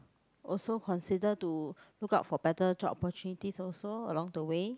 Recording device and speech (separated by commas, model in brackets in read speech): close-talking microphone, conversation in the same room